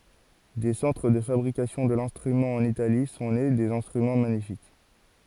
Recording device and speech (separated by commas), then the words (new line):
forehead accelerometer, read sentence
Des centres de fabrication de l'instrument en Italie, sont nés des instruments magnifiques.